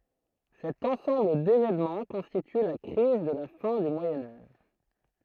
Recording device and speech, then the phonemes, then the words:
throat microphone, read sentence
sɛt ɑ̃sɑ̃bl devenmɑ̃ kɔ̃stity la kʁiz də la fɛ̃ dy mwajɛ̃ aʒ
Cet ensemble d'événements constitue la crise de la fin du Moyen Âge.

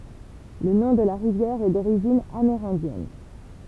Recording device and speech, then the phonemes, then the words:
temple vibration pickup, read sentence
lə nɔ̃ də la ʁivjɛʁ ɛ doʁiʒin ameʁɛ̃djɛn
Le nom de la rivière est d'origine amérindienne.

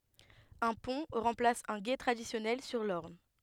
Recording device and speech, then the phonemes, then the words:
headset microphone, read sentence
œ̃ pɔ̃ ʁɑ̃plas œ̃ ɡe tʁadisjɔnɛl syʁ lɔʁn
Un pont remplace un gué traditionnel sur l'Orne.

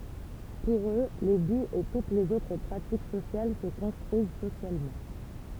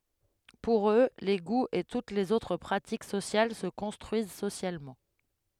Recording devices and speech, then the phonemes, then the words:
temple vibration pickup, headset microphone, read sentence
puʁ ø le ɡuz e tut lez otʁ pʁatik sosjal sə kɔ̃stʁyiz sosjalmɑ̃
Pour eux, les goûts et toutes les autres pratiques sociales se construisent socialement.

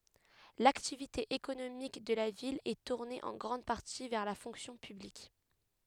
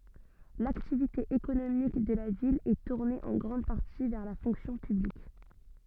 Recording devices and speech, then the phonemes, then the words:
headset microphone, soft in-ear microphone, read sentence
laktivite ekonomik də la vil ɛ tuʁne ɑ̃ ɡʁɑ̃d paʁti vɛʁ la fɔ̃ksjɔ̃ pyblik
L'activité économique de la ville est tournée en grande partie vers la fonction publique.

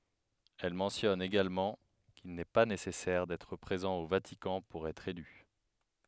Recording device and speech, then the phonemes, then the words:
headset microphone, read sentence
ɛl mɑ̃tjɔn eɡalmɑ̃ kil nɛ pa nesɛsɛʁ dɛtʁ pʁezɑ̃ o vatikɑ̃ puʁ ɛtʁ ely
Elle mentionne également qu'il n'est pas nécessaire d'être présent au Vatican pour être élu.

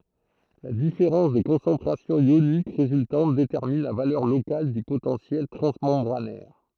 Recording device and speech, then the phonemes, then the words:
throat microphone, read sentence
la difeʁɑ̃s də kɔ̃sɑ̃tʁasjɔ̃ jonik ʁezyltɑ̃t detɛʁmin la valœʁ lokal dy potɑ̃sjɛl tʁɑ̃smɑ̃bʁanɛʁ
La différence de concentration ionique résultante détermine la valeur locale du potentiel transmembranaire.

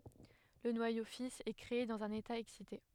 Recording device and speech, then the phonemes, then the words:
headset microphone, read sentence
lə nwajo fis ɛ kʁee dɑ̃z œ̃n eta ɛksite
Le noyau fils est créé dans un état excité.

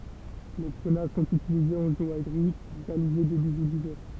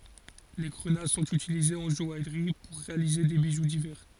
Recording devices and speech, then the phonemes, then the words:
temple vibration pickup, forehead accelerometer, read sentence
le ɡʁəna sɔ̃t ytilizez ɑ̃ ʒɔajʁi puʁ ʁealize de biʒu divɛʁ
Les grenats sont utilisés en joaillerie pour réaliser des bijoux divers.

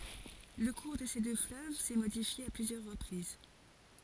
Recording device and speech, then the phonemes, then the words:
forehead accelerometer, read sentence
lə kuʁ də se dø fløv sɛ modifje a plyzjœʁ ʁəpʁiz
Le cours de ces deux fleuves s'est modifié à plusieurs reprises.

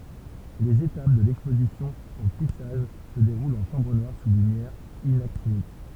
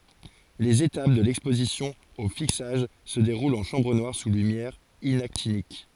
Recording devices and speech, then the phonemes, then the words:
temple vibration pickup, forehead accelerometer, read sentence
lez etap də lɛkspozisjɔ̃ o fiksaʒ sə deʁult ɑ̃ ʃɑ̃bʁ nwaʁ su lymjɛʁ inaktinik
Les étapes de l'exposition au fixage se déroulent en chambre noire sous lumière inactinique.

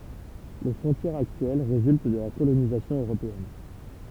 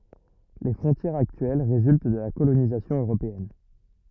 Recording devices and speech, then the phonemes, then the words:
temple vibration pickup, rigid in-ear microphone, read sentence
le fʁɔ̃tjɛʁz aktyɛl ʁezylt də la kolonizasjɔ̃ øʁopeɛn
Les frontières actuelles résultent de la colonisation européenne.

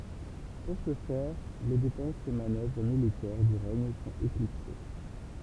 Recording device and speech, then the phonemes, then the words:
temple vibration pickup, read sentence
puʁ sə fɛʁ le depɑ̃sz e manœvʁ militɛʁ dy ʁɛɲ sɔ̃t eklipse
Pour ce faire, les dépenses et manœuvres militaires du règne sont éclipsées.

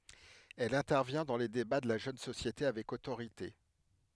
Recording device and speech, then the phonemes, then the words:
headset microphone, read sentence
ɛl ɛ̃tɛʁvjɛ̃ dɑ̃ le deba də la ʒøn sosjete avɛk otoʁite
Elle intervient dans les débats de la jeune société avec autorité.

